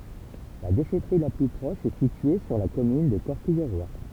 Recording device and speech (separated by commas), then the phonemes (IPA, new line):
temple vibration pickup, read sentence
la deʃɛtʁi la ply pʁɔʃ ɛ sitye syʁ la kɔmyn də kɔʁkijʁwa